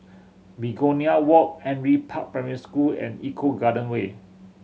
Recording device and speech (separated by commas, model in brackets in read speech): mobile phone (Samsung C7100), read sentence